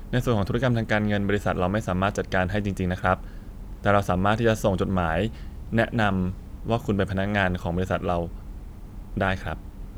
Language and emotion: Thai, neutral